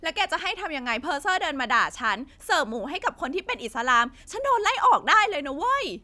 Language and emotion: Thai, angry